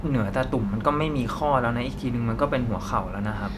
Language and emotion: Thai, neutral